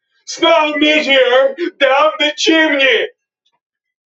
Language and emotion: English, sad